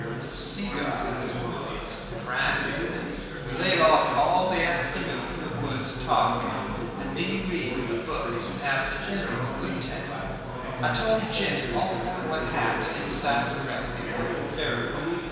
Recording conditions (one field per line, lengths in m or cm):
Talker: one person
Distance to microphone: 1.7 m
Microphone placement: close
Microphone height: 1.0 m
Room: very reverberant, large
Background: babble